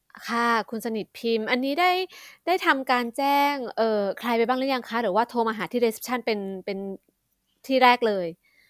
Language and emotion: Thai, frustrated